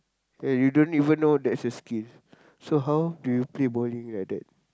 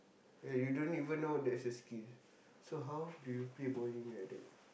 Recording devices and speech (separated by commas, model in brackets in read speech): close-talking microphone, boundary microphone, conversation in the same room